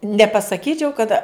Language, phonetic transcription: Lithuanian, nepasaˈkyčiau kad

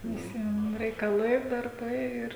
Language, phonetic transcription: Lithuanian, viˈsiem reikaˈlai darˈbai ˈir

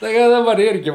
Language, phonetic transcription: Lithuanian, tai ˈka daˈbar ˈirgi

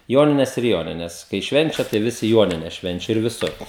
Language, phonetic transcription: Lithuanian, ˈjonines ir ˈjonines kai ˈšvenčia tai ˈvisi ˈjuonines ˈšvenčia ir viˈsur

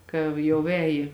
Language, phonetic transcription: Lithuanian, ˈkav jau ˈēji

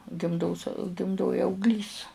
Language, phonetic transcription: Lithuanian, gimˈdos gimˈdoj augˈlys

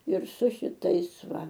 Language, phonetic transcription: Lithuanian, ir su šiˈtais ˈva

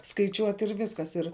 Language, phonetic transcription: Lithuanian, skaiˈčiuot' ir ˈviskas ir

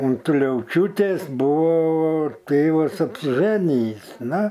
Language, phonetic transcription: Lithuanian, un tuliauˈčiūtės ˈbūvo ˈtėvas apsiˈžanijįs ˈna

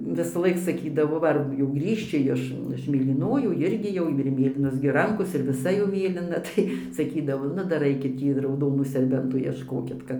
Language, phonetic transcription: Lithuanian, visaˈlaik saˈkydavo ˈva ar jau ˈgrįžči ˈjiš iš mėlyˈnojų ˈirgi jau ir ˈmėlynos gi ˈrankos ir viˈsa jau ˈmėlina tai saˈkydavo ˈnu ˈdar ˈaikit ˈtį rauˈdonų serˈbentų iešˈkokit ˈkad

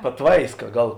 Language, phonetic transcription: Lithuanian, paˈtvaiska ˈgal

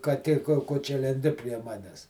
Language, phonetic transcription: Lithuanian, kaˈtė ko ˈko čia lenˈdi prie ˈmanes

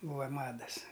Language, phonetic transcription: Lithuanian, ˈbūva ˈmadas

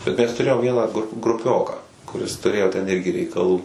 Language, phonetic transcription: Lithuanian, bet ˈmes tuˈrėjom ˈvieną gru gruˈpioką kuˈris tuˈrėjo ten ˈirgi reikaˈlų

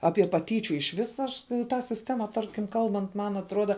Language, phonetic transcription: Lithuanian, ˈapie paˈtyčiu iš ˈvis ˈaš ˈtą sisˈtema ˈtarkim ˈkalbant ˈman atˈruoda

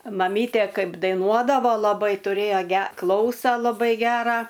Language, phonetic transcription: Lithuanian, maˈmytė ˈkaip daiˈnuodavo laˈbai tuˈrėjo ˈge ˈklausa laˈbai ˈgerą

